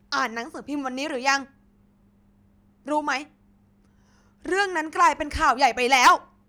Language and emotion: Thai, angry